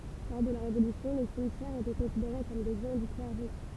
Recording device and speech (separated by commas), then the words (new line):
temple vibration pickup, read sentence
Lors de la Révolution, les cimetières étaient considérés comme des biens du clergé.